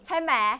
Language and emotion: Thai, happy